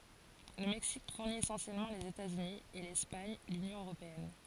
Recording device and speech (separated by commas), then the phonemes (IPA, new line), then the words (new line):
forehead accelerometer, read sentence
lə mɛksik fuʁni esɑ̃sjɛlmɑ̃ lez etatsyni e lɛspaɲ lynjɔ̃ øʁopeɛn
Le Mexique fournit essentiellement les États-Unis, et l'Espagne l'Union européenne.